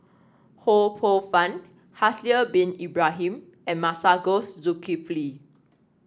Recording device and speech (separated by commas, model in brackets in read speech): standing microphone (AKG C214), read sentence